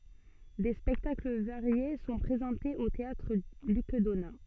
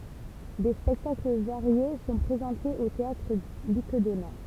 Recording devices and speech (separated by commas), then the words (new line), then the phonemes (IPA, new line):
soft in-ear microphone, temple vibration pickup, read sentence
Des spectacles variés sont présentés au théâtre Luc Donat.
de spɛktakl vaʁje sɔ̃ pʁezɑ̃tez o teatʁ lyk dona